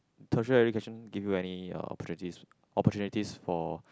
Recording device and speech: close-talking microphone, conversation in the same room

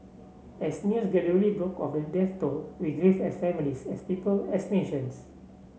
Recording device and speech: mobile phone (Samsung C7), read sentence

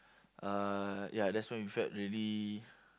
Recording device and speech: close-talking microphone, conversation in the same room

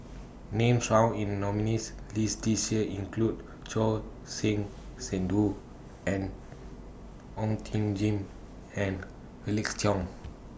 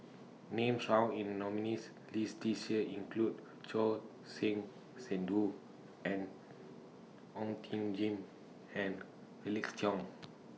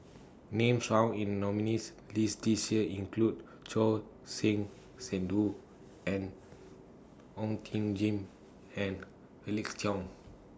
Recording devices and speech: boundary microphone (BM630), mobile phone (iPhone 6), standing microphone (AKG C214), read sentence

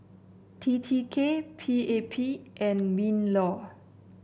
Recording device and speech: boundary microphone (BM630), read sentence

